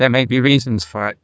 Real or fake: fake